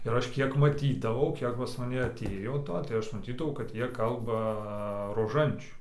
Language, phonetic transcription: Lithuanian, ir ˈaš ˈkiek maˈtydavau ˈkiek pas maˈne aˈtėjo ˈto tai ˈaš maˈtydavau kad ˈjie ˈkalba roˈžančių

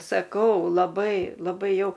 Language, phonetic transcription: Lithuanian, saˈkau laˈbai laˈbai ˈjau

